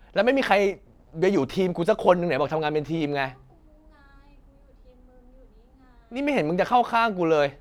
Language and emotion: Thai, angry